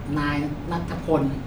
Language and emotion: Thai, neutral